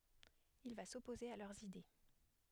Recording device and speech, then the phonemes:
headset microphone, read sentence
il va sɔpoze a lœʁz ide

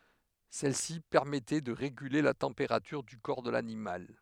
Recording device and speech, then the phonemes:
headset microphone, read sentence
sɛlsi pɛʁmɛtɛ də ʁeɡyle la tɑ̃peʁatyʁ dy kɔʁ də lanimal

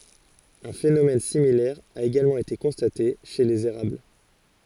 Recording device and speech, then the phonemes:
forehead accelerometer, read sentence
œ̃ fenomɛn similɛʁ a eɡalmɑ̃ ete kɔ̃state ʃe lez eʁabl

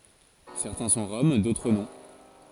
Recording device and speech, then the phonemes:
forehead accelerometer, read sentence
sɛʁtɛ̃ sɔ̃ ʁɔm dotʁ nɔ̃

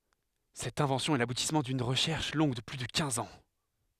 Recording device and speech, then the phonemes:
headset microphone, read sentence
sɛt ɛ̃vɑ̃sjɔ̃ ɛ labutismɑ̃ dyn ʁəʃɛʁʃ lɔ̃ɡ də ply də kɛ̃z ɑ̃

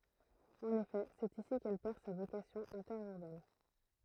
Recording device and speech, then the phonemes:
throat microphone, read sentence
ɑ̃n efɛ sɛt isi kɛl pɛʁ sa vokasjɔ̃ ɛ̃tɛʁyʁbɛn

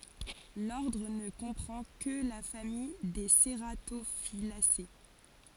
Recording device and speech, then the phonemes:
forehead accelerometer, read sentence
lɔʁdʁ nə kɔ̃pʁɑ̃ kə la famij de seʁatofilase

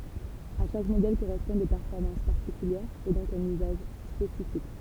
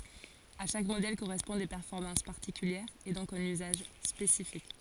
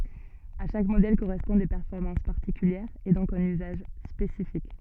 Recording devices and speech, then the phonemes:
temple vibration pickup, forehead accelerometer, soft in-ear microphone, read sentence
a ʃak modɛl koʁɛspɔ̃d de pɛʁfɔʁmɑ̃s paʁtikyljɛʁz e dɔ̃k œ̃n yzaʒ spesifik

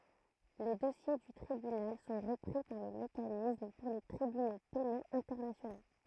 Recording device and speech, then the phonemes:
throat microphone, read sentence
le dɔsje dy tʁibynal sɔ̃ ʁəpʁi paʁ lə mekanism puʁ le tʁibyno penoz ɛ̃tɛʁnasjono

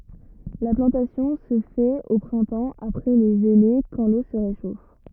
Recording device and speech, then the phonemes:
rigid in-ear microphone, read sentence
la plɑ̃tasjɔ̃ sə fɛt o pʁɛ̃tɑ̃ apʁɛ le ʒəle kɑ̃ lo sə ʁeʃof

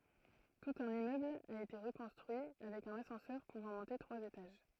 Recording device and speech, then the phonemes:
throat microphone, read sentence
tut œ̃n immøbl a ete ʁəkɔ̃stʁyi avɛk œ̃n asɑ̃sœʁ puvɑ̃ mɔ̃te tʁwaz etaʒ

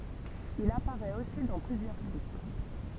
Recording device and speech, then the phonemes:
temple vibration pickup, read sentence
il apaʁɛt osi dɑ̃ plyzjœʁ klip

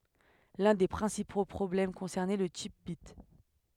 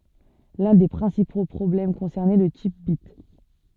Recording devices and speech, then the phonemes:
headset microphone, soft in-ear microphone, read sentence
lœ̃ de pʁɛ̃sipo pʁɔblɛm kɔ̃sɛʁnɛ lə tip bit

